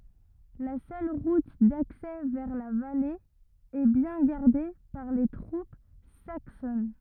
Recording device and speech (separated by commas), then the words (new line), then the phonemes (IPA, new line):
rigid in-ear microphone, read sentence
La seule route d'accès vers la vallée est bien gardée par les troupes saxonnes.
la sœl ʁut daksɛ vɛʁ la vale ɛ bjɛ̃ ɡaʁde paʁ le tʁup saksɔn